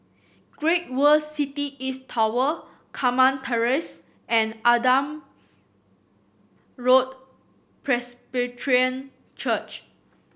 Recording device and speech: boundary microphone (BM630), read sentence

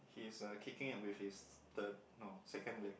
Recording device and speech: boundary microphone, conversation in the same room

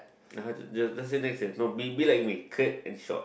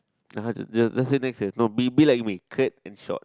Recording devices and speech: boundary microphone, close-talking microphone, conversation in the same room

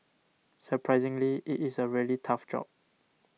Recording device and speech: mobile phone (iPhone 6), read sentence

